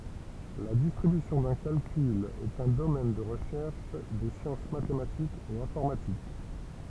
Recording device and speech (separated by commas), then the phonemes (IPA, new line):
temple vibration pickup, read sentence
la distʁibysjɔ̃ dœ̃ kalkyl ɛt œ̃ domɛn də ʁəʃɛʁʃ de sjɑ̃s matematikz e ɛ̃fɔʁmatik